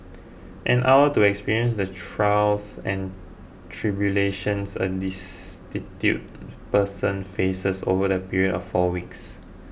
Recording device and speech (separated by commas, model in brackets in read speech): boundary microphone (BM630), read sentence